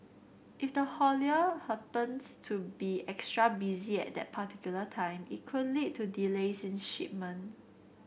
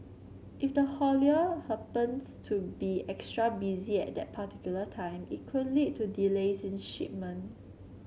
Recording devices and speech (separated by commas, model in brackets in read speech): boundary microphone (BM630), mobile phone (Samsung C7), read sentence